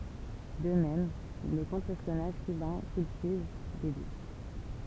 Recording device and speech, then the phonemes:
temple vibration pickup, read sentence
də mɛm lə kɔ̃tʁ ɛspjɔnaʒ kybɛ̃ kyltiv de dut

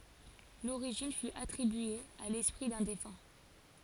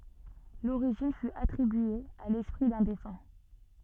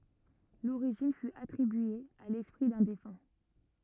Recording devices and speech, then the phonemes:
forehead accelerometer, soft in-ear microphone, rigid in-ear microphone, read sentence
loʁiʒin fy atʁibye a lɛspʁi dœ̃ defœ̃

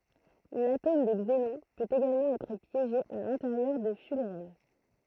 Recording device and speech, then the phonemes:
throat microphone, read sentence
latom də ɡzenɔ̃ pøt eɡalmɑ̃ ɛtʁ pjeʒe a lɛ̃teʁjœʁ də fylʁɛn

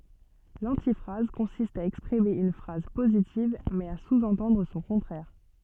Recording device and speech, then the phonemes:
soft in-ear microphone, read sentence
lɑ̃tifʁaz kɔ̃sist a ɛkspʁime yn fʁaz pozitiv mɛz a suzɑ̃tɑ̃dʁ sɔ̃ kɔ̃tʁɛʁ

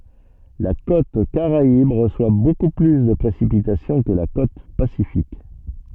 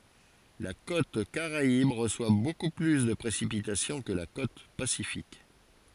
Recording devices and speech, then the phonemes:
soft in-ear microphone, forehead accelerometer, read sentence
la kot kaʁaib ʁəswa boku ply də pʁesipitasjɔ̃ kə la kot pasifik

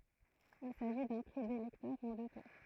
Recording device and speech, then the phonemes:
throat microphone, read sentence
il saʒi dœ̃ pʁi de lɛktœʁz ɑ̃ dø tuʁ

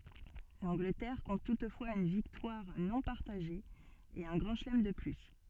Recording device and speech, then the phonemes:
soft in-ear microphone, read sentence
lɑ̃ɡlətɛʁ kɔ̃t tutfwaz yn viktwaʁ nɔ̃ paʁtaʒe e œ̃ ɡʁɑ̃ ʃəlɛm də ply

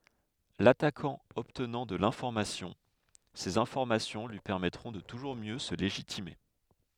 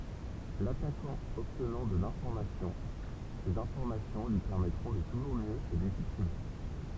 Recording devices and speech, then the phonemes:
headset microphone, temple vibration pickup, read sentence
latakɑ̃ ɔbtnɑ̃ də lɛ̃fɔʁmasjɔ̃ sez ɛ̃fɔʁmasjɔ̃ lyi pɛʁmɛtʁɔ̃ də tuʒuʁ mjø sə leʒitime

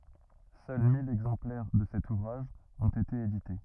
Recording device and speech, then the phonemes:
rigid in-ear microphone, read sentence
sœl mil ɛɡzɑ̃plɛʁ də sɛt uvʁaʒ ɔ̃t ete edite

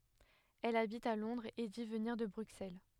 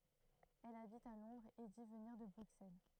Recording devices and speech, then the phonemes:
headset microphone, throat microphone, read sentence
ɛl abit a lɔ̃dʁz e di vəniʁ də bʁyksɛl

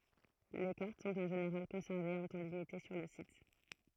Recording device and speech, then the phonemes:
throat microphone, read sentence
le kaʁt sɔ̃t ɑ̃ ʒeneʁal kɔ̃sɛʁvez œ̃ tɑ̃ limite syʁ lə sit

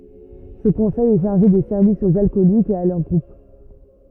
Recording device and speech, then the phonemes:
rigid in-ear microphone, read sentence
sə kɔ̃sɛj ɛ ʃaʁʒe de sɛʁvisz oz alkɔlikz e a lœʁ ɡʁup

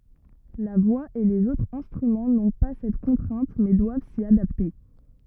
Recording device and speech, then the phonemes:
rigid in-ear microphone, read sentence
la vwa e lez otʁz ɛ̃stʁymɑ̃ nɔ̃ pa sɛt kɔ̃tʁɛ̃t mɛ dwav si adapte

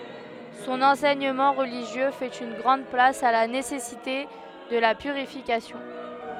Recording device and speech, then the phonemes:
headset microphone, read sentence
sɔ̃n ɑ̃sɛɲəmɑ̃ ʁəliʒjø fɛt yn ɡʁɑ̃d plas a la nesɛsite də la pyʁifikasjɔ̃

